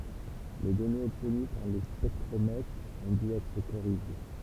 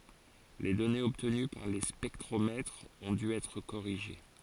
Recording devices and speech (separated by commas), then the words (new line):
temple vibration pickup, forehead accelerometer, read sentence
Les données obtenues par les spectromètres ont dû être corrigées.